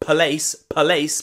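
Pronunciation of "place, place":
'Place' is pronounced incorrectly here: the p and the l are separated, like 'p lace', instead of being said together.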